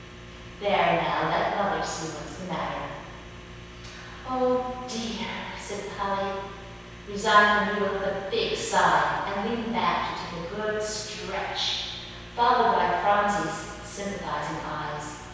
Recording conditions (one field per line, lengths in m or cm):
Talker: one person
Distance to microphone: 7.1 m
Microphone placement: far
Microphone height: 1.7 m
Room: very reverberant, large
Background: none